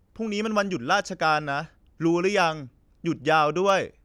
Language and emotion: Thai, frustrated